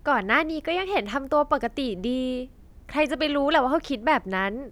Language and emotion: Thai, happy